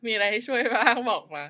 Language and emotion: Thai, happy